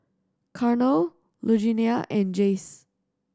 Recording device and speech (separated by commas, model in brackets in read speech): standing microphone (AKG C214), read sentence